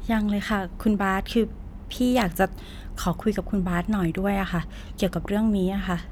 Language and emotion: Thai, neutral